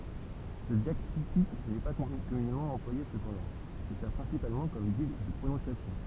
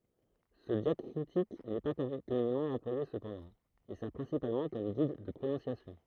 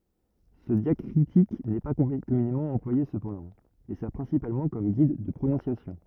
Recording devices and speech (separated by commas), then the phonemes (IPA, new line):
temple vibration pickup, throat microphone, rigid in-ear microphone, read sentence
sə djakʁitik nɛ pa kɔmynemɑ̃ ɑ̃plwaje səpɑ̃dɑ̃ e sɛʁ pʁɛ̃sipalmɑ̃ kɔm ɡid də pʁonɔ̃sjasjɔ̃